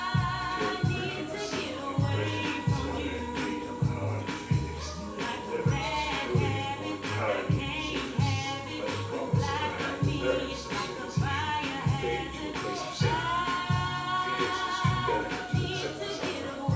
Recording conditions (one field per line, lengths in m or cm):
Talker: one person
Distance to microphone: 9.8 m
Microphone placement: far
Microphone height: 1.8 m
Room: large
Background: music